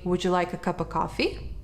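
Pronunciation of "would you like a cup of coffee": The words are linked: 'would you' runs together, 'like a' is linked, and 'cup of' is said as 'cuppa'.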